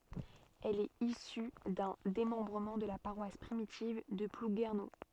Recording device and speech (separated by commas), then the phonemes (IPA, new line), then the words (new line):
soft in-ear microphone, read sentence
ɛl ɛt isy dœ̃ demɑ̃bʁəmɑ̃ də la paʁwas pʁimitiv də pluɡɛʁno
Elle est issue d'un démembrement de la paroisse primitive de Plouguerneau.